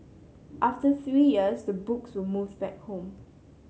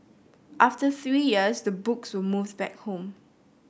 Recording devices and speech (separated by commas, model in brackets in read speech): mobile phone (Samsung C7), boundary microphone (BM630), read sentence